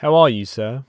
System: none